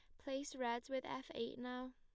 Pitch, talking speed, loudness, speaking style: 255 Hz, 205 wpm, -45 LUFS, plain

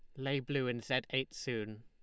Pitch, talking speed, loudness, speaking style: 130 Hz, 220 wpm, -37 LUFS, Lombard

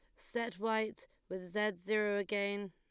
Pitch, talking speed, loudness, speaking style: 210 Hz, 145 wpm, -37 LUFS, Lombard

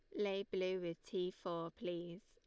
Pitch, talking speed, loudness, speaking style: 185 Hz, 175 wpm, -43 LUFS, Lombard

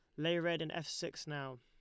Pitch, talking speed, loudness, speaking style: 165 Hz, 255 wpm, -39 LUFS, Lombard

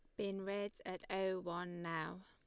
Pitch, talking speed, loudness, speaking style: 190 Hz, 175 wpm, -43 LUFS, Lombard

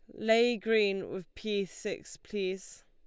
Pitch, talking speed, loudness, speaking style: 200 Hz, 135 wpm, -31 LUFS, Lombard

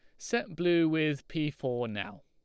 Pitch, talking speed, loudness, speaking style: 155 Hz, 175 wpm, -31 LUFS, Lombard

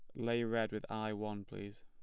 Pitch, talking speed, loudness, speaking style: 110 Hz, 220 wpm, -39 LUFS, plain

